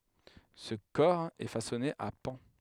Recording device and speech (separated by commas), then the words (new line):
headset microphone, read sentence
Ce cor est façonné à pans.